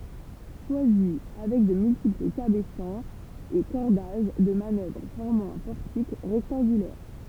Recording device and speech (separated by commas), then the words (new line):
temple vibration pickup, read sentence
Choisy, avec de multiples cabestans et cordages de manœuvre formant un portique rectangulaire.